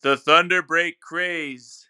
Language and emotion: English, neutral